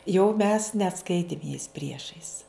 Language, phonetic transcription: Lithuanian, jau mes neˈskaitim jais ˈpriešais

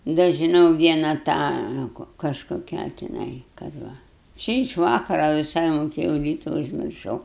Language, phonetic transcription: Lithuanian, da žiˈnau ˈviena ˈtą kažkoˈkią tiˈnai kad ˈva ˈči iš ˈvakara viˈsai moˈkėjau ˈryta užmirˈšau

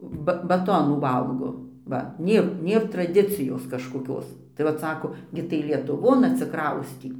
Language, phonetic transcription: Lithuanian, ba baˈtonų ˈvalgo ˈva ˈnėr ˈnėr traˈdicijos kažkoˈkios tai ˈvat ˈsako ˈgi tai lietuˈvon atsiˈkraustį

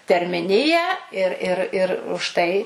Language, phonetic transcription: Lithuanian, termiˈniją ir ir ˈir už ˈtai

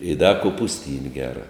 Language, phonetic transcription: Lithuanian, i da kopusˈtyn' ˈgera

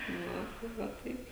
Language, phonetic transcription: Lithuanian, ˈva tai ˈva ˈtaip

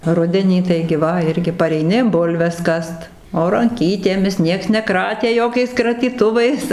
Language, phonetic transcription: Lithuanian, ˈrudenį ˈtaigi ˈva ˈirgi pareiˈni ˈbulves ˈkast o ranˈkytėmis ˈnieks neˈkratė ˈjokiais kratyˈtuvais

